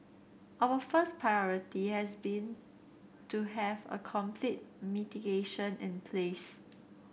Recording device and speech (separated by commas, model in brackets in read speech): boundary microphone (BM630), read sentence